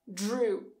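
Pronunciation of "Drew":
In 'Drew', the d and r combine, so the start sounds more like a j sound than a d.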